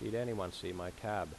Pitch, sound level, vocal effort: 105 Hz, 84 dB SPL, normal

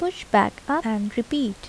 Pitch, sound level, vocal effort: 255 Hz, 77 dB SPL, soft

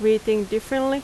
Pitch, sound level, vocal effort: 220 Hz, 88 dB SPL, loud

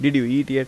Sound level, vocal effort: 89 dB SPL, normal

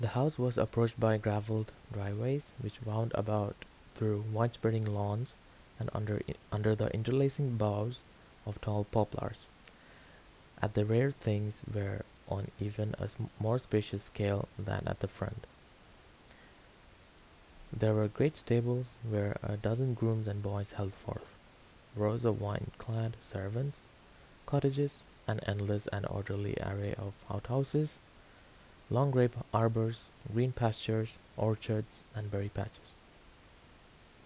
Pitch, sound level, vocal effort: 110 Hz, 75 dB SPL, soft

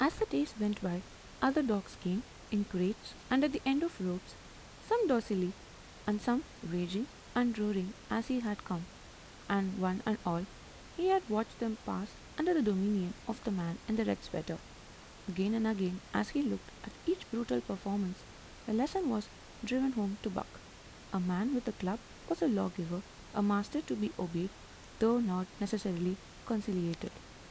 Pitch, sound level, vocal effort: 210 Hz, 79 dB SPL, soft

